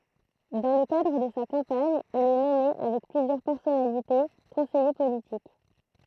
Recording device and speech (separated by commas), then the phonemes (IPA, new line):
throat microphone, read sentence
dɑ̃ lə kadʁ də sa kɑ̃paɲ il ɛ nɔme avɛk plyzjœʁ pɛʁsɔnalite kɔ̃sɛje politik